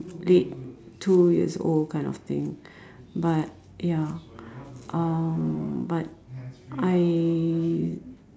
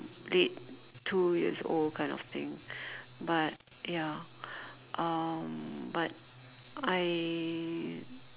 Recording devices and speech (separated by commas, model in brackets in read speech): standing microphone, telephone, conversation in separate rooms